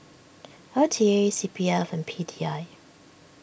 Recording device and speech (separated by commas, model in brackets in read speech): boundary microphone (BM630), read sentence